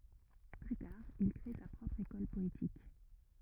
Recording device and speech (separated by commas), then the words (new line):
rigid in-ear microphone, read sentence
Plus tard, il crée sa propre école poétique.